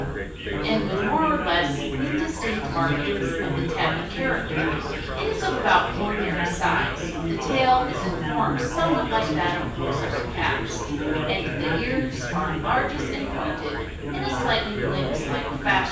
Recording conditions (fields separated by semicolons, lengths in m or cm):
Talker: one person; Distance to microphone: 9.8 m; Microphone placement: far; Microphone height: 1.8 m; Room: large; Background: babble